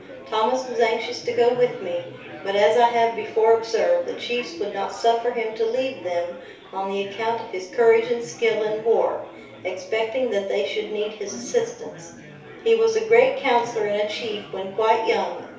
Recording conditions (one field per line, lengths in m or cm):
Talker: one person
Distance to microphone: 3.0 m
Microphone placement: far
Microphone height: 1.8 m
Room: small (3.7 m by 2.7 m)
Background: babble